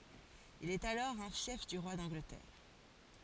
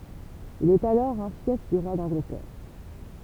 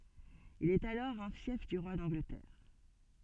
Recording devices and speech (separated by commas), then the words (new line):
forehead accelerometer, temple vibration pickup, soft in-ear microphone, read sentence
Il est alors un fief du roi d'Angleterre.